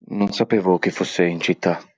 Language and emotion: Italian, fearful